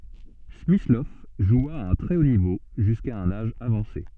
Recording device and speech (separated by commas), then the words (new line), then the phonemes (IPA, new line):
soft in-ear microphone, read sentence
Smyslov joua à un très haut niveau jusqu'à un âge avancé.
smislɔv ʒwa a œ̃ tʁɛ o nivo ʒyska œ̃n aʒ avɑ̃se